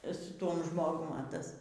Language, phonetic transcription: Lithuanian, su ˈtuom ˈžmogum a ˈtas

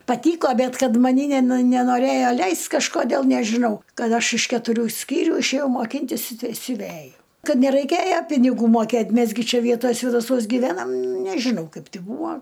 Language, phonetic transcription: Lithuanian, paˈtyko ˈbet ˈkad maˈny neˈnu nenoˈrėjo ˈleist' kažkoˈdėl nežiˈnau ˈkad ˈaš iš ketuˈrių ˈskyrių išėˈjau moˈkyntis i siuˈvæju ˈkad neraiˈkėja piniˈgų moˈkėt' ˈmes gi ˈčia ˈvietoj svėdaˈsuos giˈvenam nežiˈnau ˈkaip ˈbūa

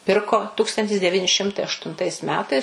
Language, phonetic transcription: Lithuanian, ˈpirko ˈtūkstantis deˈvyni ˈšimtai aštunˈtais ˈmetais

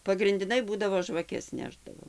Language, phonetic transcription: Lithuanian, pagrindiˈnai ˈbūdavo žvaˈkes ˈnešdavo

